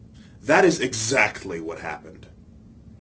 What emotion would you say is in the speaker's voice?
disgusted